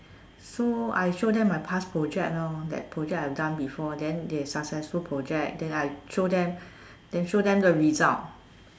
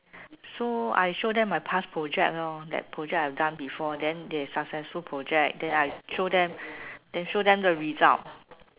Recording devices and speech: standing microphone, telephone, conversation in separate rooms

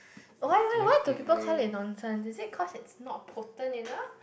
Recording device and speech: boundary microphone, conversation in the same room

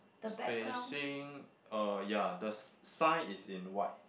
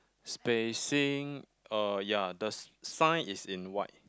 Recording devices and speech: boundary microphone, close-talking microphone, conversation in the same room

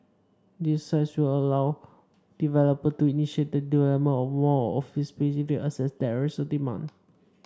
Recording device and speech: standing microphone (AKG C214), read sentence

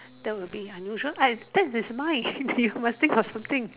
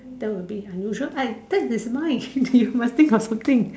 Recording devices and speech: telephone, standing microphone, conversation in separate rooms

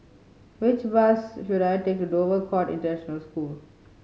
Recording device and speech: mobile phone (Samsung C5010), read sentence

